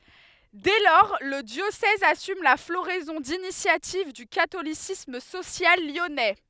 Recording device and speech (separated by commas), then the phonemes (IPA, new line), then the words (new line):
headset microphone, read sentence
dɛ lɔʁ lə djosɛz asym la floʁɛzɔ̃ dinisjativ dy katolisism sosjal ljɔnɛ
Dès lors, le diocèse assume la floraison d'initiatives du catholicisme social lyonnais.